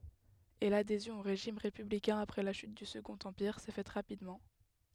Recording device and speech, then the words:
headset microphone, read sentence
Et l'adhésion au régime républicain après la chute du Second empire s'est faite rapidement.

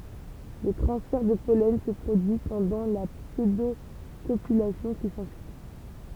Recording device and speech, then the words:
temple vibration pickup, read sentence
Le transfert de pollen se produit pendant la pseudocopulation qui s'ensuit.

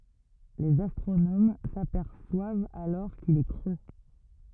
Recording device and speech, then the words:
rigid in-ear microphone, read sentence
Les astronomes s'aperçoivent alors qu'il est creux.

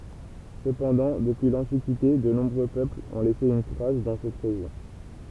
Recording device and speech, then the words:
temple vibration pickup, read sentence
Cependant, depuis l'Antiquité, de nombreux peuples ont laissé une trace dans cette région.

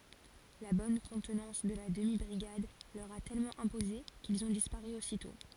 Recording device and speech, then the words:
forehead accelerometer, read sentence
La bonne contenance de la demi-brigade leur a tellement imposé, qu'ils ont disparu aussitôt.

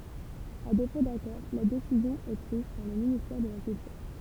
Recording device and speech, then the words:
temple vibration pickup, read sentence
À défaut d'accord, la décision est prise par le ministère de la Culture.

